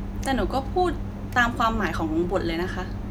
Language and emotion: Thai, frustrated